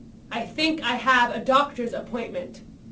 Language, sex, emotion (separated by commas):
English, female, angry